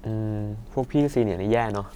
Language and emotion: Thai, frustrated